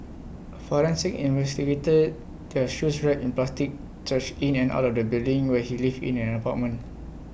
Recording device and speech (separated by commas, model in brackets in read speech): boundary microphone (BM630), read sentence